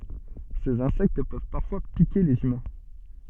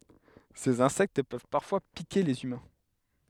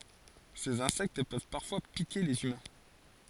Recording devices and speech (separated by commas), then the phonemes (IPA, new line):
soft in-ear microphone, headset microphone, forehead accelerometer, read sentence
sez ɛ̃sɛkt pøv paʁfwa pike lez ymɛ̃